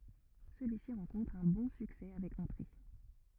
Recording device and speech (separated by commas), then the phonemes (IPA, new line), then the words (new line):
rigid in-ear microphone, read sentence
səlyisi ʁɑ̃kɔ̃tʁ œ̃ bɔ̃ syksɛ avɛk ɑ̃tʁe
Celui-ci rencontre un bon succès avec entrées.